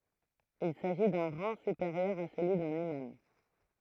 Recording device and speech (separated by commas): throat microphone, read sentence